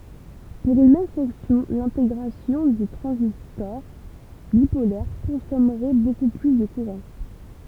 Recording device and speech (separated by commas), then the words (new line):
temple vibration pickup, read sentence
Pour une même fonction, l’intégration de transistors bipolaires consommerait beaucoup plus de courant.